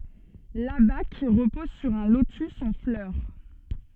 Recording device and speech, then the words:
soft in-ear microphone, read sentence
L'abaque repose sur un lotus en fleur.

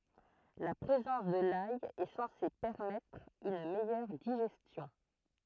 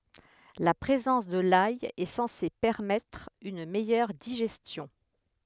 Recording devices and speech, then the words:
throat microphone, headset microphone, read sentence
La présence de l'ail est censée permettre une meilleure digestion.

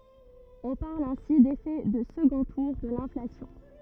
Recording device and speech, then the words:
rigid in-ear microphone, read sentence
On parle ainsi d'effet de second tour de l'inflation.

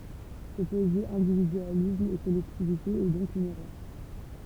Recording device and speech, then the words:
temple vibration pickup, read sentence
Opposer individualisme et collectivité est donc une erreur.

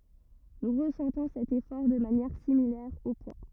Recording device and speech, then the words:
rigid in-ear microphone, read sentence
Nous ressentons cet effort de manière similaire au poids.

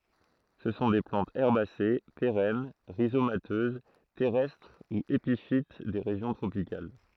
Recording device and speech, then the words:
throat microphone, read sentence
Ce sont des plantes herbacées, pérennes, rhizomateuses, terrestres ou épiphytes des régions tropicales.

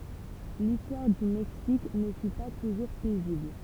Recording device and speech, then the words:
temple vibration pickup, read sentence
L'histoire du Mexique ne fut pas toujours paisible.

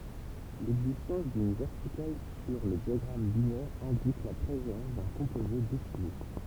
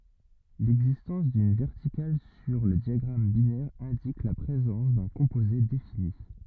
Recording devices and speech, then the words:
temple vibration pickup, rigid in-ear microphone, read sentence
L'existence d'une verticale sur le diagramme binaire indique la présence d'un composé défini.

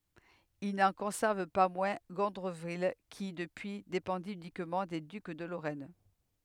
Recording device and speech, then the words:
headset microphone, read sentence
Il n'en conserve pas moins Gondreville, qui, depuis, dépendit uniquement des ducs de Lorraine.

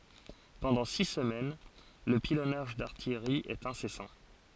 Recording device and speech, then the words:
forehead accelerometer, read sentence
Pendant six semaines, le pilonnage d'artillerie est incessant.

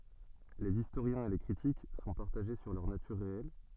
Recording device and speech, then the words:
soft in-ear microphone, read sentence
Les historiens et les critiques sont partagés sur leur nature réelle.

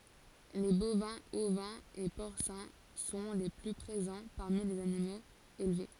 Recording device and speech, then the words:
forehead accelerometer, read sentence
Les bovins, ovins et porcins sont les plus présents parmi les animaux élevés.

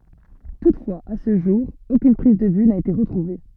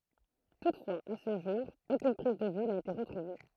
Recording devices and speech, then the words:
soft in-ear microphone, throat microphone, read sentence
Toutefois, à ce jour, aucune prise de vue n'a été retrouvée.

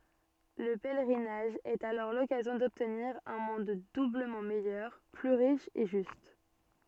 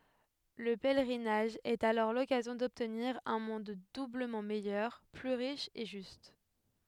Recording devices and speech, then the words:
soft in-ear microphone, headset microphone, read sentence
Le pèlerinage est alors l'occasion d'obtenir un monde doublement meilleur, plus riche et juste.

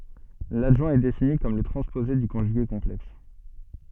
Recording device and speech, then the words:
soft in-ear microphone, read sentence
L'adjoint est défini comme le transposé du conjugué complexe.

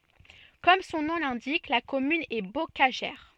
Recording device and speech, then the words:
soft in-ear microphone, read sentence
Comme son nom l'indique, la commune est bocagère.

